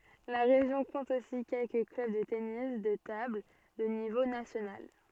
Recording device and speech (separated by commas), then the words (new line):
soft in-ear microphone, read sentence
La région compte aussi quelques clubs de tennis de table de niveau national.